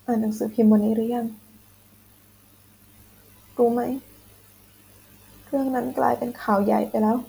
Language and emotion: Thai, sad